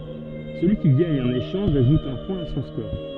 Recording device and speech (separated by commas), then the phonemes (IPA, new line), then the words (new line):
soft in-ear microphone, read sentence
səlyi ki ɡaɲ œ̃n eʃɑ̃ʒ aʒut œ̃ pwɛ̃ a sɔ̃ skɔʁ
Celui qui gagne un échange ajoute un point à son score.